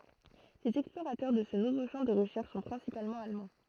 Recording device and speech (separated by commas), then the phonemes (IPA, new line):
throat microphone, read sentence
lez ɛksploʁatœʁ də sə nuvo ʃɑ̃ də ʁəʃɛʁʃ sɔ̃ pʁɛ̃sipalmɑ̃ almɑ̃